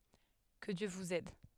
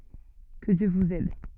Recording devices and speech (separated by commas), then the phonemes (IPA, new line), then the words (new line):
headset microphone, soft in-ear microphone, read sentence
kə djø vuz ɛd
Que Dieu vous aide.